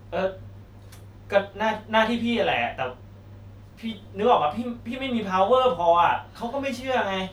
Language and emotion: Thai, frustrated